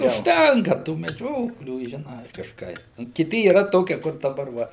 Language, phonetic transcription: Lithuanian, užˈtenka tų meˈdžioklių žiˈnai kažˈkai ˈnu kiˈti yˈra ˈtokie kur daˈbar ˈva

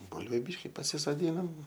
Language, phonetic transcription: Lithuanian, ˈbulviu ˈbyški pasisoˈdynam

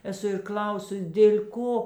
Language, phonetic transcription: Lithuanian, eˈsu ir ˈkl'ausus dėl' ˈko

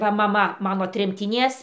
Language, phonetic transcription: Lithuanian, ˈva maˈma ˈmano tremtiˈnies

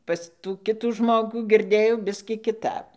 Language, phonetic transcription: Lithuanian, ˈpas tų ˈkitų ˈžmogų girˈdėjau ˈbiskį kiˈtap

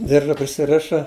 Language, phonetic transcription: Lithuanian, ˈdirža prisiˈriša

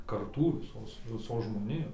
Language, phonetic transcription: Lithuanian, karˈtų viˈsos viˈsos žmoˈnijos

